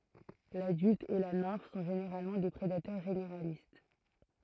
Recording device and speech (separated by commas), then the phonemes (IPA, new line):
throat microphone, read sentence
ladylt e la nɛ̃f sɔ̃ ʒeneʁalmɑ̃ de pʁedatœʁ ʒeneʁalist